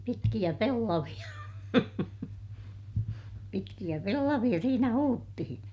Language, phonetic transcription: Finnish, pitkiʲä pellaviʲa , pitkiʲä pellaviʲa siinä huuttihiḭ .
- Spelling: pitkiä pellavia pitkiä pellavia siinä huudettiin

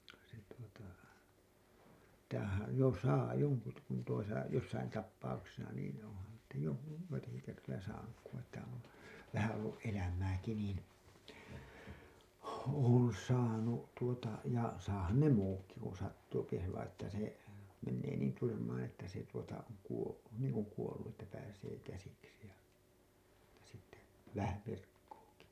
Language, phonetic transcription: Finnish, se tuota , (tai har-,) jò 'saa 'joŋku t- , kun tuosa , jossain tappauksesa niin , on̬han̬ (si)tä jo- , 'joitaki kertoja 'saanuk ku että on , 'vähä ollu’ '’elämääki niin , 'oon̬ 'saanu , tuota ja 'saahan ne 'muukki kun̬ sattuupi se vaiḭ ‿että se , mennee niin 'tyrmäää̰ että se tuota , oŋ kuo- , niiŋ kuŋ kuollu ’että pääsee käsiksi ja , (mut)ta sitte , 'vähä "virkkuuki .
- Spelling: se tuota - - jo saa jonkun - kun tuossa jossakin tapauksessa niin onhan sitä - joitakin kertoja saanut kun että on vähän ollut elämääkin niin olen saanut tuota ja saahan ne muutkin kun sattuu se vain että se menee niin tyrmään että se tuota on - niin kuin kuollut että pääsee käsiksi ja mutta sitten vähän virkkuukin

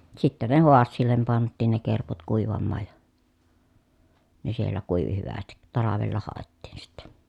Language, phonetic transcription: Finnish, sittä ne hoassiillem pant̆tiin ne kerput kùivammaaj ja , ne siellä kùivi hyvästit talavella hàettiin sittE .
- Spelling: sitten ne haasialle pantiin ne kerput kuivamaan ja ne siellä kuivui hyvästi talvella haettiin sitten

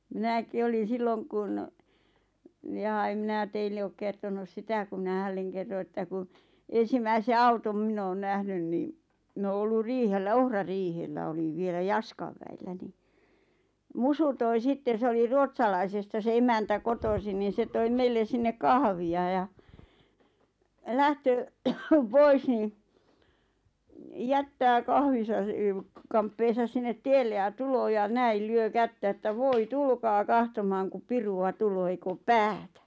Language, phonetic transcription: Finnish, mi̬näki olin̬ 'silloŋ kun , ʲᵃᵃ em 'minä 'teille ook kertonus "sitä ku mⁱnä 'hälleŋ kerro 'että ku , 'en̬simäise "autom 'mⁱn ‿oon 'nähnyn ni , 'mⁱn ‿oo ollur 'riihellä "ohra'riihellä oliᵛ 'vielä "Jaskav väillä ni , "Musu toi 'sitten̬ 'se oli "Ruotsalaisesta se 'emäntä "kotosin niin̬ 'se toim 'meillen̬ 'sinne "kahvi₍a ja , ʿʲᵃʾ "lähtöö , 'pois niiⁿ , "jättää 'kahvisa e- sə- , "kamppeesas 'sinnet "tielle ja "tuloo ja "näil "lyö "kättä 'ᵉttä » "voi "tulkaa "kahtomaaŋ kup "piru₍a "tuloo ei'k ‿oop "päätä « .
- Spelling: minäkin olin silloin kun jaa en minä teille ole kertonut sitä kun minä hänelle kerroin että kun ensimmäisen auton minä olen nähnyt niin minä olen ollut riihellä ohrariihellä olin vielä Jaskan väillä niin Musu toi sitten se oli Ruotsalaisesta se emäntä kotoisin niin se toi meille sinne kahvia ja ja lähtee pois niin jättää kahvinsa - - kamppeensa sinne tielle ja tulee ja näille lyö kättä että voi tulkaa katsomaan kun pirua tulee ei ole päätä

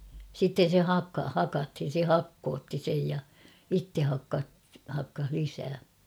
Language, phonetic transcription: Finnish, sitten̬ se "hakka- "hakathin̬ se "hakkootti sej ja , 'itte 'hakka- , hakkah 'lisää .
- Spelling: sitten se - hakattiin se hakkautti sen ja itse - hakkasi lisää

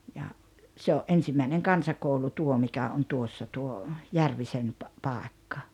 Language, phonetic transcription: Finnish, ja , 'se o’ '’ensimmäineŋ "kansakoulu "tuo mikä on 'tuossa 'tuo , "Järvisen pa- , 'pàekka .
- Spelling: ja se oli ensimmäinen kansakoulu tuo mikä on tuossa tuo Järvisen - paikka

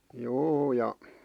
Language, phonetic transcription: Finnish, 'juu ja ,.
- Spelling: juu ja

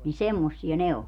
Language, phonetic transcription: Finnish, ni "semmossia "ne o .
- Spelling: niin semmoisia ne on

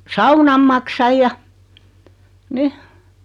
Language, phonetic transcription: Finnish, saunam 'maksaj ja , "ni .
- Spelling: saunan maksan ja niin

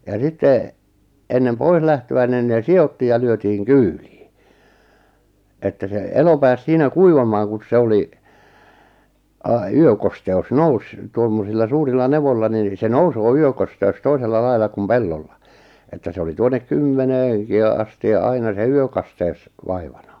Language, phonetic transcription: Finnish, ja sitte , ennem 'pois lähtö₍ä nin nee "si₍ottiij ja 'lyötiiŋ "kyylii , että se "elo pääs 'siinä "kuivamaaŋ 'kun̬s 'se oli , a- "yökoste₍us "nous , 'tuommosilla 'suurilla 'nevolla nin , se "nousoo 'yökoste₍us 'toisella 'lail̆la kum "pellolla , että 'se oli 'tuonek 'kymmeneeŋ- , -ki ja 'asti ja 'aina se "yökasteu̬s 'vaivana .
- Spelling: ja sitten ennen pois lähtöä niin ne sidottiin ja lyötiin kyytiin että se elo pääsi siinä kuivamaan kun se oli - yökosteus nousi tuommoisilla suurilla nevoilla niin se nousee yökosteus toisella lailla kuin pellolla että se oli tuonne - kymmeneenkin ja asti ja aina se yökasteus vaivana

